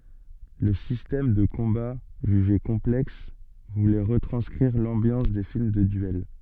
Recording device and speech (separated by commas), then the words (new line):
soft in-ear microphone, read sentence
Le système de combat, jugé complexe, voulait retranscrire l'ambiance des films de duel.